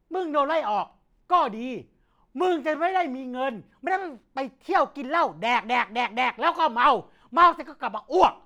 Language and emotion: Thai, angry